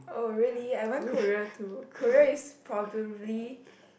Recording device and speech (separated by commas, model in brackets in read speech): boundary microphone, conversation in the same room